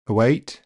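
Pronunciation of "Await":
'Await' is said with virtually no schwa.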